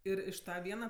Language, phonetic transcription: Lithuanian, ˈir iš ˈta ˈviena

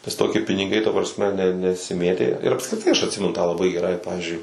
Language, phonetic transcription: Lithuanian, nes toˈki piniˈgai ta prasˈme ne nesiˈmėtė ir apskriˈtai aš atˈsimenu tą laˈbai geˈrai ˈpavizdžiui

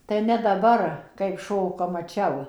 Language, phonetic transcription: Lithuanian, tai ne daˈbar kaip ˈšoka maˈčiau

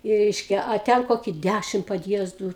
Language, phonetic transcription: Lithuanian, i ˈreiškia a ˈten ˈkoki ˈdæšim padˈjiezdų

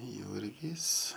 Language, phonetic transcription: Lithuanian, ˈjurgys

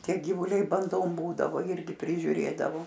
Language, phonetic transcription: Lithuanian, ˈtie gyvūˈliai banˈdom ˈbūdavo ˈirgi prižiuˈrėdavo

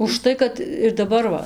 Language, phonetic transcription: Lithuanian, užˈtai kad ir daˈbar va

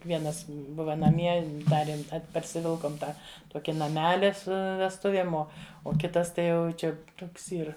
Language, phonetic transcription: Lithuanian, vieˈnas ˈbuva naˈmie ˈdarėm ˈat parsiˈvilkom ˈtą ˈtoki naˈmeli ˈsu vesˈtuviem ˈo o ˈkitas ˈtai ˈjau ˈčia ˈtoks ˈyr

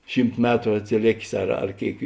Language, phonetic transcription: Lithuanian, ˈšymt ˈmetru atsiˈlėkės ar ar ˈkėik

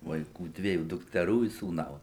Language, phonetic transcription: Lithuanian, vaiˈkų ˈdviejų dukteˈrų i sūˈnaus

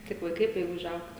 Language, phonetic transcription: Lithuanian, kaip vaiˈkai tai užˈaugt

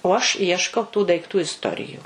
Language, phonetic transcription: Lithuanian, o aš ˈieškau tų daiˈktų isˈtoriju

